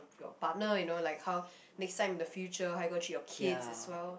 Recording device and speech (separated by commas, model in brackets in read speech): boundary microphone, conversation in the same room